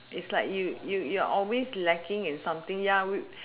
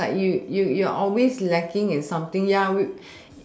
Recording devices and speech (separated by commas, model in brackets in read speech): telephone, standing microphone, conversation in separate rooms